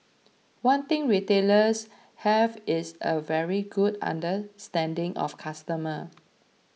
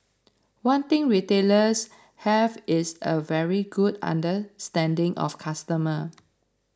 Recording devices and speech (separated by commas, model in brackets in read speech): mobile phone (iPhone 6), standing microphone (AKG C214), read sentence